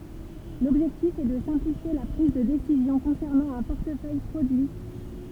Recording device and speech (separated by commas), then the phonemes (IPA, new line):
temple vibration pickup, read sentence
lɔbʒɛktif ɛ də sɛ̃plifje la pʁiz də desizjɔ̃ kɔ̃sɛʁnɑ̃ œ̃ pɔʁtəfœj pʁodyi